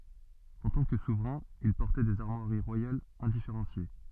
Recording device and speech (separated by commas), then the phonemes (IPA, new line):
soft in-ear microphone, read sentence
ɑ̃ tɑ̃ kə suvʁɛ̃ il pɔʁtɛ dez aʁmwaʁi ʁwajalz ɛ̃difeʁɑ̃sje